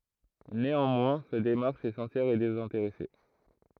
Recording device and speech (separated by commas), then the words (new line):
throat microphone, read sentence
Néanmoins, sa démarche est sincère et désintéressée.